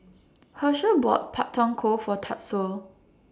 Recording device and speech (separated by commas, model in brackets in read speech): standing microphone (AKG C214), read sentence